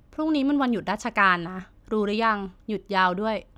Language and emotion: Thai, neutral